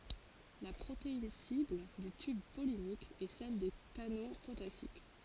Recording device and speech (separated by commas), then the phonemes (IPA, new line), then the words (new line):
forehead accelerometer, read sentence
la pʁotein sibl dy tyb pɔlinik ɛ sɛl de kano potasik
La protéine cible du tube pollinique est celle des canaux potassiques.